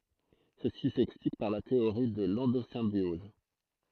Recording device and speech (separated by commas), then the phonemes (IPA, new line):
throat microphone, read sentence
səsi sɛksplik paʁ la teoʁi də lɑ̃dozɛ̃bjɔz